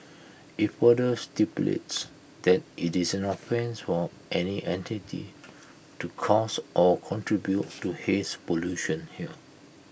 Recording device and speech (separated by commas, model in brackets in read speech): boundary microphone (BM630), read sentence